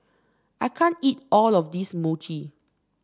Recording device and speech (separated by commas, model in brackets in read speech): standing microphone (AKG C214), read sentence